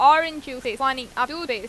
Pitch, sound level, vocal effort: 270 Hz, 96 dB SPL, loud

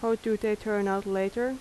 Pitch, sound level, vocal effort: 215 Hz, 83 dB SPL, normal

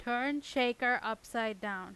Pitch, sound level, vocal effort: 240 Hz, 92 dB SPL, loud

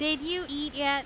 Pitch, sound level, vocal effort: 295 Hz, 95 dB SPL, very loud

